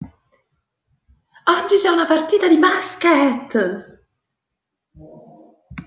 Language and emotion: Italian, happy